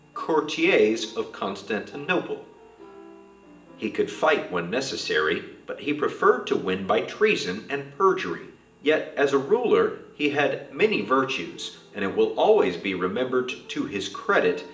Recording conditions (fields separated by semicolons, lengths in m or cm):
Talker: one person; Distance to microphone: 1.8 m; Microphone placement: close; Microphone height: 1.0 m; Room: large; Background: music